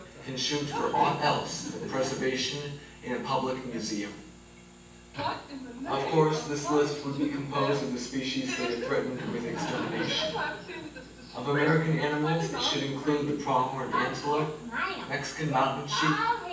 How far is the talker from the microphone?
9.8 m.